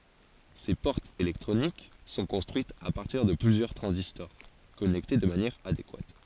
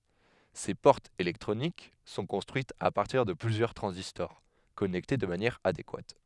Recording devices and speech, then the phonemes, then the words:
forehead accelerometer, headset microphone, read sentence
se pɔʁtz elɛktʁonik sɔ̃ kɔ̃stʁyitz a paʁtiʁ də plyzjœʁ tʁɑ̃zistɔʁ kɔnɛkte də manjɛʁ adekwat
Ces portes électroniques sont construites à partir de plusieurs transistors connectés de manière adéquate.

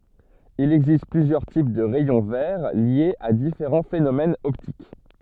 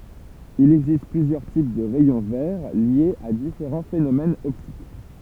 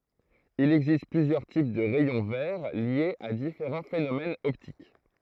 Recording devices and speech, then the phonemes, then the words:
soft in-ear microphone, temple vibration pickup, throat microphone, read sentence
il ɛɡzist plyzjœʁ tip də ʁɛjɔ̃ vɛʁ ljez a difeʁɑ̃ fenomɛnz ɔptik
Il existe plusieurs types de rayons verts liés à différents phénomènes optiques.

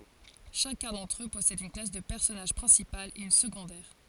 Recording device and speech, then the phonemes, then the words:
forehead accelerometer, read sentence
ʃakœ̃ dɑ̃tʁ ø pɔsɛd yn klas də pɛʁsɔnaʒ pʁɛ̃sipal e yn səɡɔ̃dɛʁ
Chacun d'entre eux possède une classe de personnage principale et une secondaire.

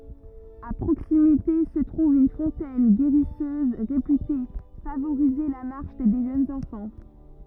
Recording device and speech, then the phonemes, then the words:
rigid in-ear microphone, read sentence
a pʁoksimite sə tʁuv yn fɔ̃tɛn ɡeʁisøz ʁepyte favoʁize la maʁʃ de ʒønz ɑ̃fɑ̃
À proximité se trouve une fontaine guérisseuse, réputée favoriser la marche des jeunes enfants.

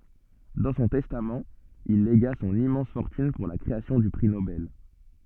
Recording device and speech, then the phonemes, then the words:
soft in-ear microphone, read sentence
dɑ̃ sɔ̃ tɛstamt il leɡa sɔ̃n immɑ̃s fɔʁtyn puʁ la kʁeasjɔ̃ dy pʁi nobɛl
Dans son testament, il légua son immense fortune pour la création du prix Nobel.

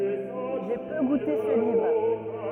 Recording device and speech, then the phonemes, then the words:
rigid in-ear microphone, read sentence
ʒe pø ɡute sə livʁ
J’ai peu goûté ce livre.

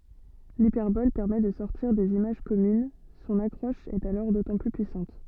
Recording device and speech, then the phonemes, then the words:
soft in-ear microphone, read sentence
lipɛʁbɔl pɛʁmɛ də sɔʁtiʁ dez imaʒ kɔmyn sɔ̃n akʁɔʃ ɛt alɔʁ dotɑ̃ ply pyisɑ̃t
L'hyperbole permet de sortir des images communes, son accroche est alors d'autant plus puissante.

